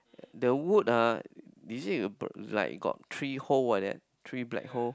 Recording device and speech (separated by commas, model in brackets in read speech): close-talking microphone, conversation in the same room